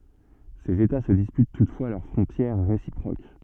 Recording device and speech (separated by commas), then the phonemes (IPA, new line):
soft in-ear microphone, read sentence
sez eta sə dispyt tutfwa lœʁ fʁɔ̃tjɛʁ ʁesipʁok